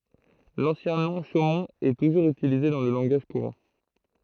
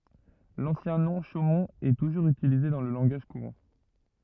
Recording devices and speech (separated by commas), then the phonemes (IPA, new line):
throat microphone, rigid in-ear microphone, read sentence
lɑ̃sjɛ̃ nɔ̃ ʃomɔ̃t ɛ tuʒuʁz ytilize dɑ̃ lə lɑ̃ɡaʒ kuʁɑ̃